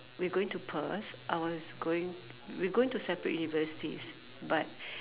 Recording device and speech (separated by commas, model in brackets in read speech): telephone, conversation in separate rooms